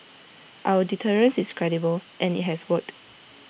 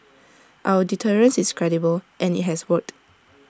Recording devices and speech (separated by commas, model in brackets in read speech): boundary microphone (BM630), standing microphone (AKG C214), read sentence